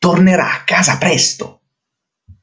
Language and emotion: Italian, angry